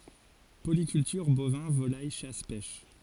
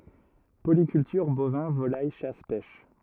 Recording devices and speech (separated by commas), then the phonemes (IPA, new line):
forehead accelerometer, rigid in-ear microphone, read sentence
polikyltyʁ bovɛ̃ volaj ʃas pɛʃ